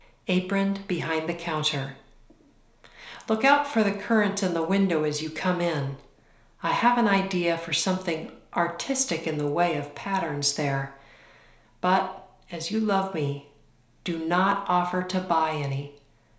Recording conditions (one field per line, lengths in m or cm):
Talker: one person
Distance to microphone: 1.0 m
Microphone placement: close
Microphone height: 1.1 m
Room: small (3.7 m by 2.7 m)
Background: none